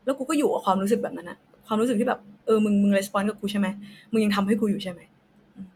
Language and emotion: Thai, frustrated